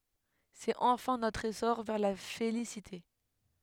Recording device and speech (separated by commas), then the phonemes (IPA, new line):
headset microphone, read sentence
sɛt ɑ̃fɛ̃ notʁ esɔʁ vɛʁ la felisite